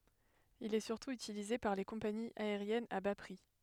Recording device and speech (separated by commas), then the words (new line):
headset microphone, read sentence
Il est surtout utilisé par les compagnies aériennes à bas prix.